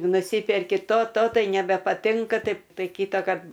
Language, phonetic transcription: Lithuanian, nuˈsyperki ˈto ˈto ˈtai nebepaˈtinka ˈtaip ˈtai ˈkytakart

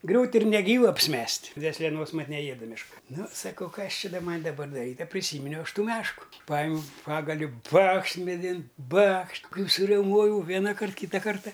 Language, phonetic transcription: Lithuanian, ˈgriūt' ir neˈgyvu apsiˈmest' dvėsleˈnos ˈmat neˈjėda mešˈka ˈnu saˈkau ˈkas ˈči da ˈman' daˈbar daˈryt' a priˈsyminiau ˈaš ˈtų ˈmešku ˈpajimiau ˈpagaliu ˈbakšt meˈdin ˈbakš ˈkai suriauˈmojau ˈvenakart ˈkyta ˈkarta

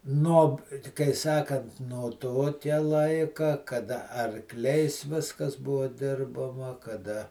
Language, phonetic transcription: Lithuanian, nuob kai ˈsakant no ˈtokia ˈlaika kaˈda arˈkliais ˈviskas ˈbuvo ˈdirbama kaˈda

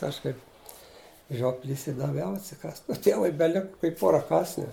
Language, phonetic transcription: Lithuanian, ˈaš kaip ˈžioplys i daˈviau atsiˈkąst o ˈtievui beˈlika kai ˈpora ˈkąsnių

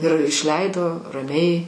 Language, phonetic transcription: Lithuanian, ir išˈleido raˈmiai

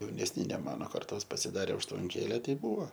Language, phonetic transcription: Lithuanian, jaunesˈni ne ˈmano karˈtos pasiˈdarė užtvanˈkėle ˈtei ˈbuvo

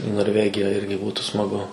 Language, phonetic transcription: Lithuanian, į norˈvegija ˈirgi ˈbūtu smaˈgu

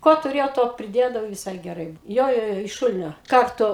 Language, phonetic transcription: Lithuanian, ˈko tuˈrėjau ˈto priˈdėdavau viˈsai geˈrai ˈjo ˈjo ˈjo iš ˈšulinio ˈkartu

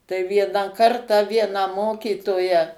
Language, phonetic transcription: Lithuanian, tai ˈvieną ˈkartą ˈvieną ˈmokytoją

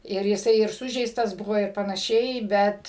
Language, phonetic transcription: Lithuanian, ir jiˈsai ir ˈsužeistas ˈbuvo ir panaˈšiai ˈbet

